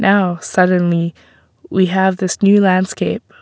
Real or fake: real